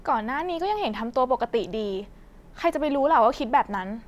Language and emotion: Thai, frustrated